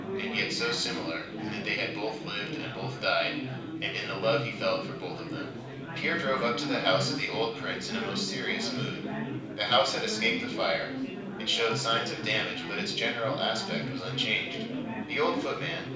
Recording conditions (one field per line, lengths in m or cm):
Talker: one person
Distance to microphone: 5.8 m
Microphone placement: far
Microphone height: 1.8 m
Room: medium-sized (5.7 m by 4.0 m)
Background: babble